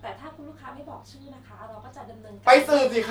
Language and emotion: Thai, neutral